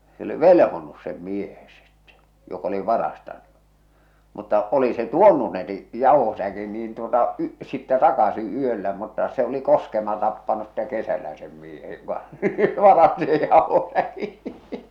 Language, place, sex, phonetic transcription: Finnish, Salla, male, se oli "velᵉhonus 'sem "miehe sittᴇ , jok ‿oli "varastaɴɴᴜ , mutta , oli se "tuonnu ne ni , "jàuhosäkin niin tuota , y- , sittɛ 'takasi 'yöllä mutta se oli 'koskema tappanus sⁱᵗte 'kesälä sem miehe joka , 'varasti sej 'jàohosäki .
- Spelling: se oli velhonnut sen miehen sitten joka oli varastanut mutta oli se tuonut ne niin jauhosäkin niin tuota - sitten takaisin yöllä mutta se oli koskema tappanut sitten kesällä sen miehen joka varasti sen jauhosäkin

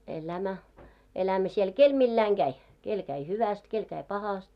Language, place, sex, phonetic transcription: Finnish, Moloskovitsa, female, 'elämä , elämä siel "kel 'milläiŋ ɢäi , 'kel käi 'hyväst , 'kel käi 'pahast .
- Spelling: elämä elämä siellä kenellä milläkin lailla kävi kenellä kävi hyvästi kenellä kävi pahasti

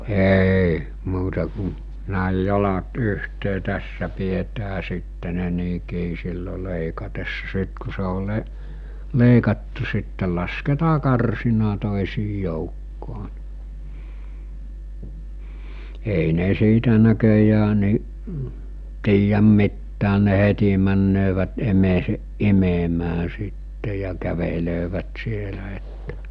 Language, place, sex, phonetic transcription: Finnish, Mikkeli, male, 'èi , 'muuta ku , näij̆ 'jalat 'yhtee 'tässä pietää sitte ne 'nii 'kii sillo 'lèikatessa 'sit ku se ol 'le- , 'lèikattu sittel lasketaa 'karsina tòisii joukkoo(ɴ) , ei 'ne siitä näköjää ni’ , 'tiijäm 'mittään̆ ne 'heti männöövät 'emeeseˀ "ˀimemää sitte ja 'kävelöövät 'sielä että .
- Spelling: ei muuta kuin näin jalat yhteen tässä pidetään sitten ne niin kiinni silloin leikatessa sitten kun se on - leikattu sitten lasketaan karsinan toisien joukkoon ei ne siitä näköjään niin tiedä mitään ne heti menevät emäänsä imemään sitten ja kävelevät siellä että

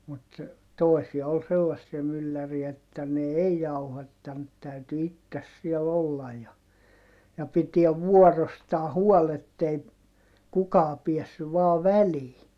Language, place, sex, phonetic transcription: Finnish, Heinola, male, mut , tòi̮sia ol sellassia mylläriä että ne ei jauhattant täyty ittes siɛl ‿ollaj ja , ja pitiɛv vuɔrostaa huɔl ‿ettei , kukaa piɛssyv vaa välii .
- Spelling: mutta toisia oli sellaisia mylläreitä että ne ei jauhattanut täytyi itse siellä olla ja ja pitää vuorostaan huoli että ei kukaan päässyt vain väliin

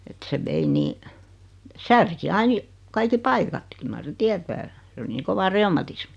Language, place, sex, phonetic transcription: Finnish, Noormarkku, female, et se 'vei 'nii , 'särki 'ain ja- , 'kaiki 'paikat 'kyl mar 'seⁿ "tiätää , s ‿oli nii 'kova 'reumatismi .
- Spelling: että se vei niin särki aina ja kaikki paikat kyllä mar sen tietää se oli niin kova reumatismi

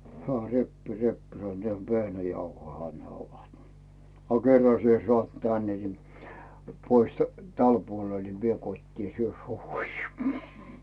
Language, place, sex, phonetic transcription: Finnish, Rautu, male, 'hᵉä "reppì "reppì sannᵘᵒ » ehä "vehnäjauhoiha ne 'ovat « , » a 'kerra sie sᵒàt "tänne ni , 'pois "täl 'puol ni , 'vie "kot́tii , 'syö 'suuhuis « .
- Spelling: hän repii repii sanoo nehän vehnäjauhojahan ne ovat a kerran sinä saat tänne niin pois tälle puolelle niin vie kotiin syö suihisi

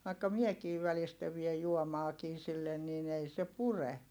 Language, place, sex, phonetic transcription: Finnish, Heinola, female, vaikka miekiiv̆ välistä viej juomaakii sillen niin ‿ei se pure .
- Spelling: vaikka minäkin välistä vien juomaakin sille niin ei se pure

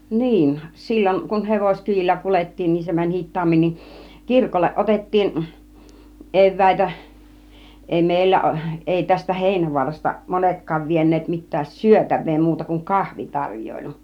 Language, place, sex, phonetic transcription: Finnish, Kiihtelysvaara, female, 'niin , 'silloŋ kun "hevoskyiʲillä 'kulet̀tiin niin 'se mäń "hit̆taammin nin , "kirkolleˀ 'ˀotettiin , "ev̆vä̀itä , 'èi "mèillä , 'èi tästä "Hèinävu̬arasta 'monetk̆kaav vien̆neet mit̆tään "syötäv̆vee 'muuta kuŋ "kahvitaŕj̀oilu .
- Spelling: niin silloin kun hevoskyydillä kuljettiin niin se meni hitaammin niin kirkolle otettiin eväitä ei meillä ei tästä Heinävaarasta monetkaan vieneet mitään syötävää muuta kuin kahvitarjoilu

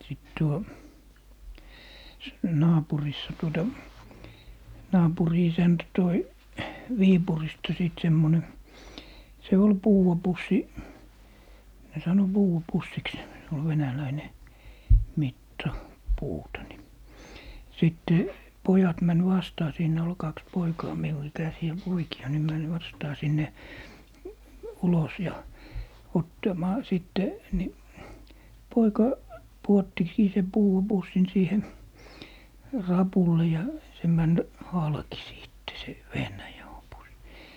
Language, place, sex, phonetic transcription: Finnish, Lappee, male, sìt 'tuo , s- , 'naapurissa tuota , 'naapuri 'isäntä 'toi , "Viipurista 'sìt 'semmone , 'se "ol "puuʷa 'pussi , ne 'sano "Buu₍a 'pussiks , (se) ol 'venäläine , "mitta , "puuta ni , 'sìtte , "pojat män 'vastaa 'siinä ol "kaks 'poikaa 'miu ikäsi₍ä 'poiki₍a ni män 'vastaa sinne , 'ulos ja , 'ottamaa , 'sìtte , 'ni , 'poika , 'puottikii sem "puu₍a 'pussin 'siihe , "rapulle ja , se 'män , "halki 'sìtte se , "vehnäjauhopussi .
- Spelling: sitten tuo - naapurissa tuota naapurin isäntä toi Viipurista sitten semmoinen se oli puudan pussi ne sanoi puudan pussiksi se oli venäläinen mitta puuta niin sitten pojat meni vastaan siinä oli kaksi poikaa minun ikäisiä poikia niin meni vastaan sinne ulos ja ottamaan sitten niin poika pudottikin sen puudan pussin siihen rapulle ja se meni halki sitten se vehnäjauhopussi

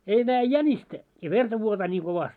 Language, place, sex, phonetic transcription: Finnish, Moloskovitsa, male, 'ei nääjᵉ "jäńistä , ja 'verta vuotaa ńii 'kovast́ .
- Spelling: ei näe jänistä ja verta vuotaa niin kovasti

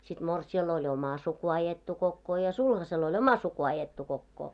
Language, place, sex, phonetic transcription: Finnish, Moloskovitsa, female, sit 'morsi₍ai oĺ "oma 'suku ajettu 'kokkoo ja 'sulhasel oĺ "oma 'suku ajettu kokkoo .
- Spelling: sitten morsiamella oli oma suku ajettu kokoon ja sulhasella oli oma suku ajettu kokoon

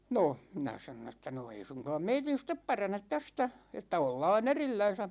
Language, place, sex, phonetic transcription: Finnish, Ikaalinen, male, 'no , 'minä sanon ‿että » no 'ei suŋkaam 'meitin̬ step 'paranet 'tästä , että 'ollaa"n ‿erillän̬sä « .
- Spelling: no minä sanoin että no ei suinkaan meidän sitten parane tästä että ollaan erillänsä

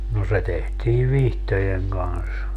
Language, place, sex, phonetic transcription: Finnish, Padasjoki, male, no 'se tehtii "vihtojeŋ 'Gans .
- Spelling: no se tehtiin vihtojen kanssa

